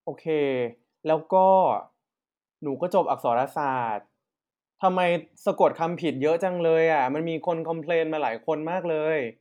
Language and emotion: Thai, frustrated